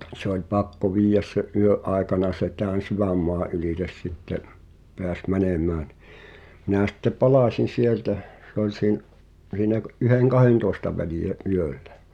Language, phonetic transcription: Finnish, ni’ , se ‿oĺ "pakko 'viij̆jäs se’ '’yö’ 'ài̬kana se tään̬ "syvämmoa’ ’ylìtes sitte’ , 'peäs "mänèmää ɴɪ , minä̀ sⁱtte "palàsin̬ 'sieltä , se ‿oĺ siin- , siinä ɢ- 'yheŋ"kahèntòesta välìʲä '’yöllᴀ̈ .
- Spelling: niin se oli pakko viedä sen yön aikana se tämän sydänmaan ylitse sitten pääsi menemään niin minä sitten palasin sieltä se oli - siinä - yhden-kahdentoista välillä yöllä

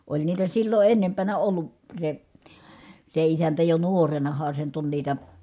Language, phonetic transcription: Finnish, oĺ niitä sillo ʼennempänä ollu , se , se isäntä jo nuorenaha se nyt ‿on niitä ,.
- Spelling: oli niitä silloin ennempänä ollut se se isäntä jo nuorenahan se nyt on niitä

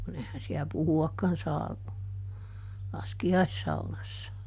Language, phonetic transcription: Finnish, kuˈn ‿ehän siä "puhu₍akkan ˈsaa , "laski₍aissaunassa .
- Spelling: kun eihän siellä puhuakaan saa laskiaissaunassa

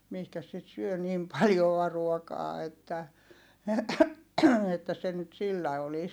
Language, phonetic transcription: Finnish, mihkäs sit syö nim paljoa ruokaa että , että se nyt sillä olis .
- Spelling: mihinkäs sitä syö niin paljoa ruokaa että että se nyt sillä olisi

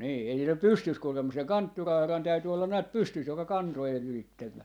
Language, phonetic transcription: Finnish, 'nii , ei (sillä "pystys kuule mus̆ seŋ) "kanttura₍arran 'täyty ollan näät "pystys joka "kantojen "ylittem 'mä .
- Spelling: niin ei sillä pysty kuule mutta sen kanttura-arran täytyi olla näet pystyssä joka kantojen ylitse meni

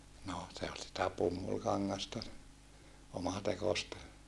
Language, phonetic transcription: Finnish, no , se ol sitä pummulkaŋŋasta , omatekosta .
- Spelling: no se oli sitä pumpulikangasta omatekoista

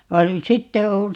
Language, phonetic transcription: Finnish, va 'nyt "sitte o , .
- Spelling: vaan nyt sitten on

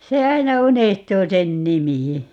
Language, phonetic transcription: Finnish, 'se "aina 'unehtuu 'sen "nimi .
- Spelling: se aina unohtuu sen nimi

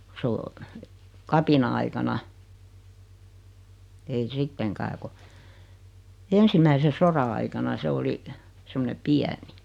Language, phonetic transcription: Finnish, (ko) 's ‿oo , 'kapina₍aikana , ei 'sitteŋkää ku , 'ensimäise "sora aikana 'se oli , 'semmone "piäni .
- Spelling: kun se on kapina-aikana ei sittenkään kun ensimmäisen sodan aikana se oli semmoinen pieni

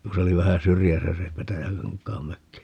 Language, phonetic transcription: Finnish, ku se 'oli vähä 'syrjäsä se 'Petäjäkaŋk̀aam 'mökki .
- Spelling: kun se oli vähän syrjässä se Petäjäkankaan mökki

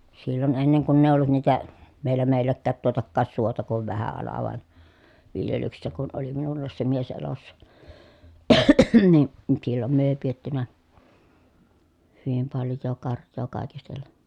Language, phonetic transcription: Finnish, sillon enneŋ kunn ‿èi ollut niitä , vielä mèi̮l̀äkkäät tuotakkaas suota kuv vähä ala vàen , viljelyksessä kun ʼoli minullaas se mies elossa , ni , sillom myö èi piettynä , hyvim palj̆joo karj̆joo kàikistelleN
- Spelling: silloin ennen kun ei ollut niitä vielä meilläkään tuotakaan suota kuin vähä ala vain viljelyksessä kun oli minullakin se mies elossa niin silloin me ei pidetty hyvin paljoa karjaa kaikistellen

